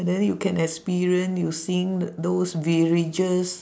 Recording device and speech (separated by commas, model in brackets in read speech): standing microphone, conversation in separate rooms